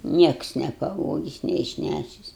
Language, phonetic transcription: Lithuanian, ˈnieks nepaˈvogis neišˈnæšis

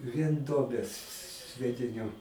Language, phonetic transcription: Lithuanian, vien ˈduobės sviediˈniu

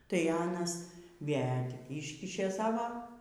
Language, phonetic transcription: Lithuanian, tai ˈanas ˈvė tik ˈyškišė ˈsavo

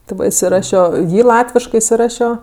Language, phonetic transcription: Lithuanian, ti ˈva isiˈrašio ˈjį ˈlatviškɜ isiˈrašio

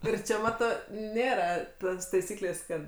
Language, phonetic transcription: Lithuanian, ˈir čia ˈmato ˈnėra ˈtos taiˈsyklės' ˈkad

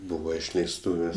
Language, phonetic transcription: Lithuanian, ˈbūva išleisˈtūvės'

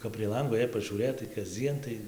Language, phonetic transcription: Lithuanian, kap prie ˈlango jei pažiūˈrėtai kasˈdzien tai

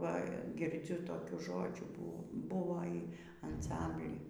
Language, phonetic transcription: Lithuanian, ˈva girˈdziu toˈkių ˈžodžių bū ˈbuvo y anˈsambly

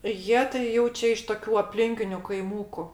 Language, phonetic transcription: Lithuanian, ˈjie tai ˈjau čia iš toˈkių apˈlinkiniu kaiˈmūku

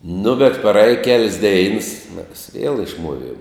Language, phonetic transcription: Lithuanian, nu bet praˈėj kel's' deins mes viel išˈmuoˌviem

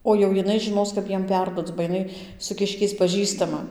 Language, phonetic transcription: Lithuanian, o jau jiˈnai žiˈnos kap ˈjiem ˈperduoc ba jiˈnai su ˈkiškiais paˈžįstama

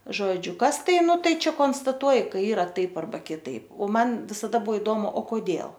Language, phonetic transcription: Lithuanian, ˈžodžiu ˈkas ˈtai ˈnu ˈtai ˈčia konstaˈtuoj kai ˈyra ˈtaip arˈba kiˈtaip o ˈman visaˈda ˈbuo iˈdomu o koˈdėl

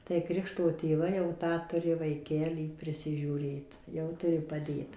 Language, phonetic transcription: Lithuanian, tai ˈkrikšto tėˈvai jau ˈtą ˈturi vaiˈkelį priˌsižiūˈrėt jau ˈturi paˈdėt

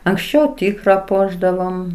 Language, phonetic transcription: Lithuanian, anksˈčiau ˈtykra ˈpuošdavom

